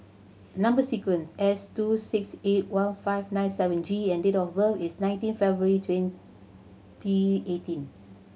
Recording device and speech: mobile phone (Samsung C7100), read sentence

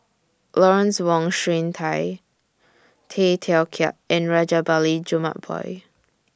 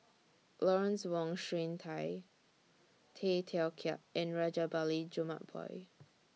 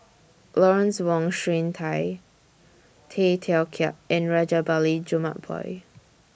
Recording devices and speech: standing microphone (AKG C214), mobile phone (iPhone 6), boundary microphone (BM630), read sentence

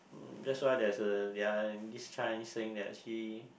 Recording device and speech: boundary microphone, conversation in the same room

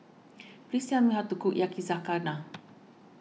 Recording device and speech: mobile phone (iPhone 6), read sentence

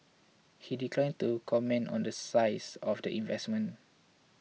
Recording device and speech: mobile phone (iPhone 6), read sentence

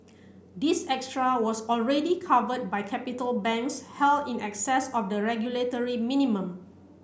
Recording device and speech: boundary microphone (BM630), read sentence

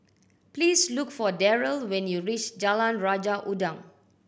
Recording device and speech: boundary microphone (BM630), read sentence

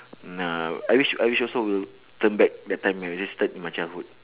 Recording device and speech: telephone, conversation in separate rooms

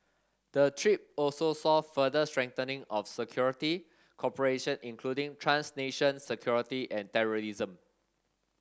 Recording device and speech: standing microphone (AKG C214), read sentence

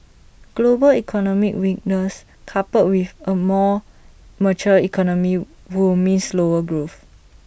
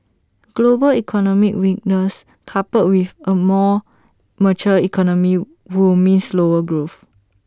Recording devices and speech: boundary microphone (BM630), standing microphone (AKG C214), read sentence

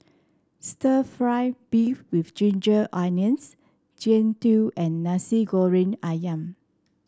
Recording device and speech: standing microphone (AKG C214), read sentence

